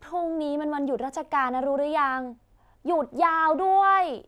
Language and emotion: Thai, frustrated